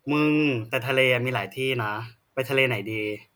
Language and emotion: Thai, neutral